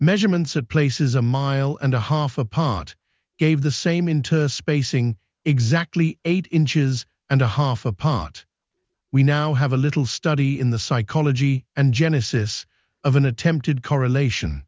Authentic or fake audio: fake